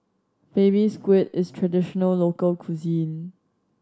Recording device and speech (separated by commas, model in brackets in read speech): standing microphone (AKG C214), read sentence